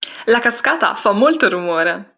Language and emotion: Italian, happy